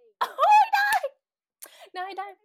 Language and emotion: Thai, happy